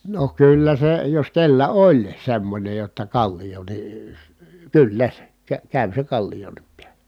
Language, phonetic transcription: Finnish, no kyllä se jos kellä oĺ semmońej jotta kallijo ni , əə kyllä , kä- kä̀y se kallijonnip piälä .
- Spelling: no kyllä se jos kenellä oli semmoinen jotta kallio niin - kyllä - kävi se kallionkin päällä

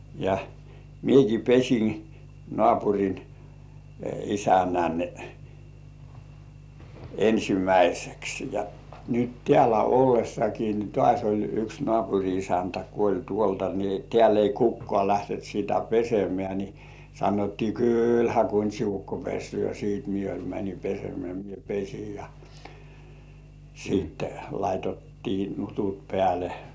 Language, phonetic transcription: Finnish, ja 'mieki "pes̜in , 'nŏàpuŕin , "isännän , 'ensimäiseks ja , nyt 'tĕä̀llä 'ollessaki ni "tŏàś oĺ yks 'nŏàpuŕi isäntä kuoĺ 'tuolta ni , 'tĕä̀l ‿ei 'kukkŏà lähtent sitä "pesemĕä̀ ni , sanottii » "kỳlhä 'Kuńt́si ukko 'pessy̆ö̀ « siit mie oĺ- män̜i 'pesemĕä̀ mie "pes̜ij jᴀ , siitte laitettii 'nutut pĕä̀lᴇ .
- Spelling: ja minäkin pesin naapurin isännän ensimmäiseksi ja nyt täällä ollessakin niin taas oli yksi naapurin isäntä kuollut tuolta niin täällä ei kukaan lähtenyt sitä pesemään niin sanottiin kyllähän Kuntsin ukko pesee sitten minä - menin pesemään minä pesin ja sitten laitettiin nutut päälle

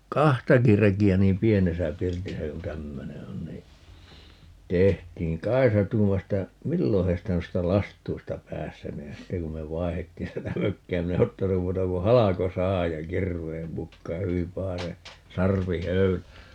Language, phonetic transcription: Finnish, "kahtaki 'reki₍ä niim "pienesä 'pirtisä ku "tämmöne 'on nii , "tehtiiŋ - "Kai̮sa 'tuumas [et]tä , » "millo 'heistä 'muista "lastuista "päästäneen » - 'sitte kum me "vaihettiin 'sitä "mökki₍ä 'minä e "ottanum 'muuta ku "haloko"sahaj ja "kirv̀eem 'mukkaa - 'hyvim 'pahase , "sarvi"höylä .
- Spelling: kahtakin rekeä niin pienessä pirtissä kun tämmöinen on niin tehtiin Kaisa tuumasi että milloin heistä noista lastuista päästäneen sitten kun me vaihdettiin sitä mökkiä minä en ottanut muuta kuin halkosahan ja kirveen mukaan hyvin pahaisen sarvihöylän

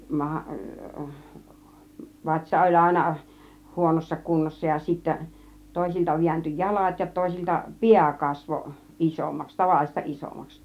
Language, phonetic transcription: Finnish, 'maha , 'vatsa oĺ 'àina , 'huonossa 'kunnossa ja sittä , 'tòisilta viänty "jalat ja 'tòisilta , "piä 'kasvo , "ˀisommaks , 'tavallis̆ta "ˀisommaks .
- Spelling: maha vatsa oli aina huonossa kunnossa ja sitten toisilta vääntyi jalat ja toisilta pää kasvoi isommaksi tavallista isommaksi

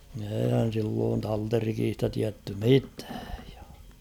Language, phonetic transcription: Finnish, eeihän̬ silloon 'talterikiista tiätty 'mitᴀ̈ᴀ̈ .
- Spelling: eihän silloin talterikista tiedetty mitään

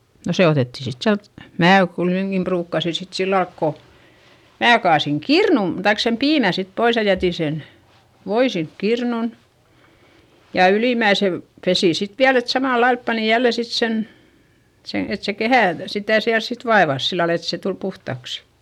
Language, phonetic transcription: Finnish, no se otètti sit siält , mää kuiteŋkim pruukkasi sit sillalk ko , mää kaasiŋ kirnum- , taik sem piimä sit pois ja jätì sen , voi sink kirnun , ja ylìmäisel , pesì sit viäl ‿et samàllailp pani jälle sit sen , sen̬ et se kehä̀ , sitä̀ siäls sit vaevas sillal ‿et se tul puhtaksI .
- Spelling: no se otettiin sitten sieltä minä kuitenkin ruukasin sitten sillä lailla kun minä kaadoin kirnun tai sen piimän sitten pois ja jätin sen voin sinne kirnuun ja ylimmäisellä pesin sitten vielä että samalla lailla panin jälleen sitten sen sen että se kehä sitä siellä sitten vaivasi sillä lailla että se tuli puhtaaksi

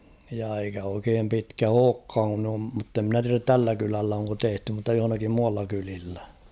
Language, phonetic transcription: Finnish, ja eikä oikeem 'pitkä "ookkaaŋ kun ‿om mutte ‿mnä tiärät 'tällä kylällä oŋko 'tehty mutta johᵒnakim 'mualla kylillä .
- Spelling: ja eikä oikein pitkä olekaan kun on mutta minä tiedä tällä kylällä onko tehty mutta jossakin muualla kylillä

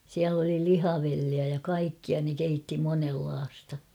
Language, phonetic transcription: Finnish, siäl ‿oli "lihavelliä ja 'kaikkia ne 'keitti monellaasta .
- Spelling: siellä oli lihavelliä ja kaikkia ne keitti monenlaista

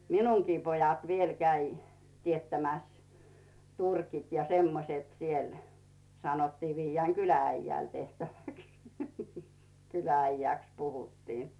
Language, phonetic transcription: Finnish, minuŋkii pojat 'viel käi 'tiettämäs , 'turkit ja 'semmoset siel , sanottii 'viijjääŋ "kylä₍'äijjä̀l 'tehtäväks , 'kylä₍äijä̀ks puhuttii .
- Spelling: minunkin pojat vielä kävi teettämässä turkit ja semmoiset siellä sanottiin viedään kylä-äijälle tehtäväksi kylä-äijäksi puhuttiin

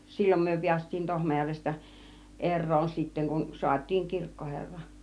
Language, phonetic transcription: Finnish, 'sil͕l͕om myö piäst̆tiin 'Tohmajärvestä , "er̆roon 'sitteŋ kun 'suat́̆tiiŋ 'kirkkoherra .
- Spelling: silloin me päästiin Tohmajärvestä eroon sitten kun saatiin kirkkoherra

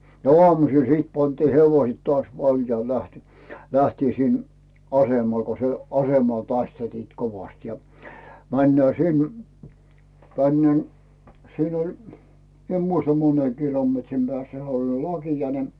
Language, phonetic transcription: Finnish, no "oamusìl sìt pantii hevoⁱsᵉt toas 'valjaihE lähti , 'lähtii sin , "asemal ko se "asemal 'taistelt̳iit̳ 'kovast ja , 'männää "sin , 'tännen- , 'siin ‿oĺ , mi ‿em muista "mone kilometrim Bᵉä̀ssä he oĺ 'laki₍a ne .
- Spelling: no aamusilla sitten pantiin hevoset taas valjaihin lähti lähdettiin sinne asemalle kun se asemalla taisteltiin kovasti ja mennään sinne tänne siinä oli minä en muista monen kilometrin päässä se oli lakia ne

